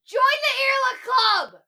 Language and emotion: English, neutral